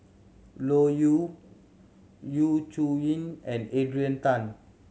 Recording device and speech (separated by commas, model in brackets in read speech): mobile phone (Samsung C7100), read sentence